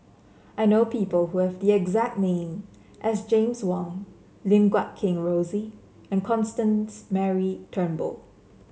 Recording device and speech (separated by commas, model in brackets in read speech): mobile phone (Samsung C7), read sentence